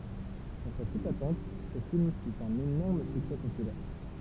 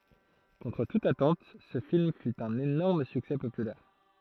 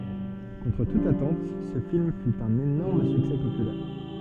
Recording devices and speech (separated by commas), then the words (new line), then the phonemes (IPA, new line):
temple vibration pickup, throat microphone, soft in-ear microphone, read sentence
Contre toute attente ce film fut un énorme succès populaire.
kɔ̃tʁ tut atɑ̃t sə film fy œ̃n enɔʁm syksɛ popylɛʁ